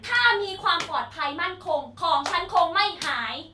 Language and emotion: Thai, angry